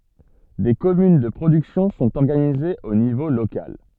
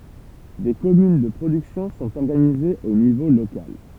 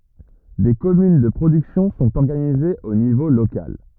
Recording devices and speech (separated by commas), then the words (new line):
soft in-ear microphone, temple vibration pickup, rigid in-ear microphone, read sentence
Des communes de production sont organisées au niveau local.